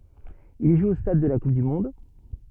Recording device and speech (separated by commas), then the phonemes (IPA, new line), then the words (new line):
soft in-ear microphone, read sentence
il ʒu o stad də la kup dy mɔ̃d
Il joue au Stade de la Coupe du monde.